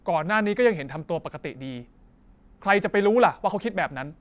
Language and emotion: Thai, angry